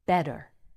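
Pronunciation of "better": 'better' is said with a general American accent: the t is a quick, flicked or flapped light d sound.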